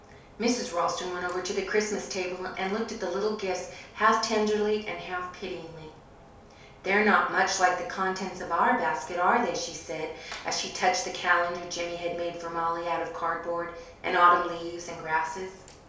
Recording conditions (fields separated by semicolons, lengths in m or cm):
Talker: one person; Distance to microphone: 3.0 m; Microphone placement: far; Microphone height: 1.8 m; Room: small (3.7 m by 2.7 m); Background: none